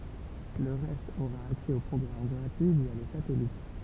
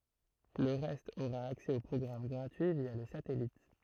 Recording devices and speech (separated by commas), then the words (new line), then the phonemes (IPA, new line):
temple vibration pickup, throat microphone, read sentence
Le reste aura accès aux programmes gratuits via le satellite.
lə ʁɛst oʁa aksɛ o pʁɔɡʁam ɡʁatyi vja lə satɛlit